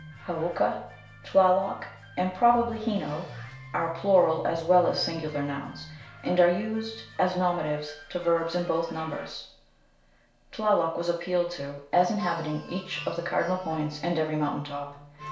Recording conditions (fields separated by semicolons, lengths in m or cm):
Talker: one person; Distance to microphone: 1.0 m; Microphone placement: close; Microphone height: 1.1 m; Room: small (3.7 m by 2.7 m); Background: music